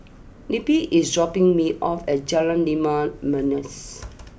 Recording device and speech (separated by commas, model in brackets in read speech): boundary microphone (BM630), read sentence